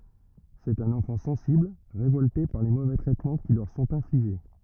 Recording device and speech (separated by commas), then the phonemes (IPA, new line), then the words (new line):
rigid in-ear microphone, read sentence
sɛt œ̃n ɑ̃fɑ̃ sɑ̃sibl ʁevɔlte paʁ le movɛ tʁɛtmɑ̃ ki lœʁ sɔ̃t ɛ̃fliʒe
C'est un enfant sensible, révolté par les mauvais traitements qui leur sont infligés.